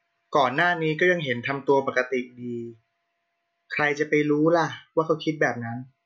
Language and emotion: Thai, frustrated